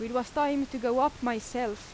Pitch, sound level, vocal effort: 250 Hz, 89 dB SPL, loud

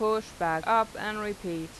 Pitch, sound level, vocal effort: 210 Hz, 90 dB SPL, normal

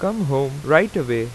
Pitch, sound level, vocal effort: 140 Hz, 90 dB SPL, loud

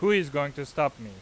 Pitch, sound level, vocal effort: 145 Hz, 95 dB SPL, loud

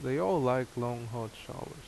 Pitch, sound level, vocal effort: 125 Hz, 82 dB SPL, normal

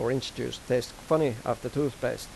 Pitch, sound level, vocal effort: 125 Hz, 86 dB SPL, normal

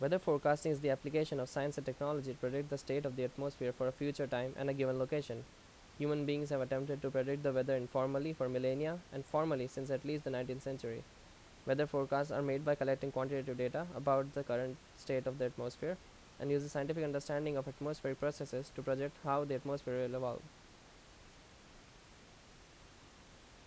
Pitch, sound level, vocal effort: 135 Hz, 84 dB SPL, loud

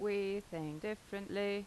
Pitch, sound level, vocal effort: 200 Hz, 84 dB SPL, normal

